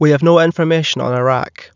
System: none